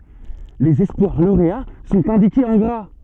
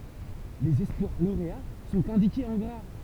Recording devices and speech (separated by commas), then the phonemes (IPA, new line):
soft in-ear microphone, temple vibration pickup, read sentence
lez ɛspwaʁ loʁea sɔ̃t ɛ̃dikez ɑ̃ ɡʁa